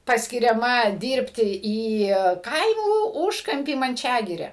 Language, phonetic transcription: Lithuanian, paskiriaˈma ˈdyrbti į ˈkaimų ˈūžkampį manˈčiagirę

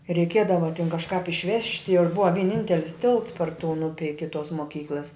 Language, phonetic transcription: Lithuanian, reiˈkiedava tin kažˈkāp išˈvežti ir ˈbuva viˈnintelis tilts par tun ˈupi ˈiki tos moˈkyklas

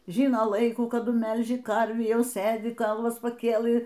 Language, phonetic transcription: Lithuanian, ˈžino ˈlaikų kaˈdu ˈmelži ˈkarvį ˈjau ˈsɘdi ˈgalvas paˈkėlɨ

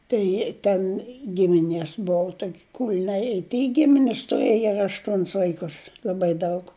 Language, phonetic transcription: Lithuanian, ˈtai ten ˈgiminės ˈbuvu ˈtok' kul'ˈnai i tij ˈgiminis tuˈrɘja ar ašˈtuonis vaiˈkus laˈbai ˈdaug

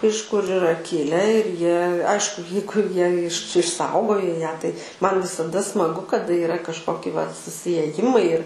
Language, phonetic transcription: Lithuanian, iš kur iˈra ˈkile ir ˈjie ˈaišku ˈjeigu ˈjie iš išˈsaugojo ˈją tai ˈman visaˈda smaˈgu kaˈda iˈra kažˈkoki vat susiėˈjimai ir

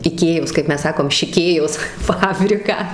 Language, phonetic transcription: Lithuanian, iˈkėjos kad ˈmes ˈsakom šiˈkėjos ˈfabriką

